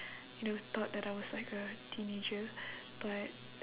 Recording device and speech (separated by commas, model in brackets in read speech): telephone, conversation in separate rooms